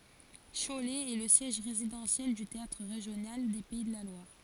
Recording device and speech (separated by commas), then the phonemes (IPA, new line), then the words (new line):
forehead accelerometer, read sentence
ʃolɛ ɛ lə sjɛʒ ʁezidɑ̃sjɛl dy teatʁ ʁeʒjonal de pɛi də la lwaʁ
Cholet est le siège résidentiel du théâtre régional des Pays de la Loire.